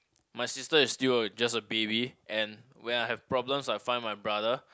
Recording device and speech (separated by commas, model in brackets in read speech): close-talking microphone, conversation in the same room